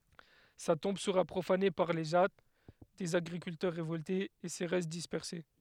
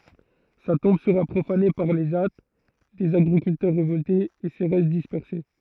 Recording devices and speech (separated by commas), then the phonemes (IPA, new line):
headset microphone, throat microphone, read sentence
sa tɔ̃b səʁa pʁofane paʁ le ʒa dez aɡʁikyltœʁ ʁevɔltez e se ʁɛst dispɛʁse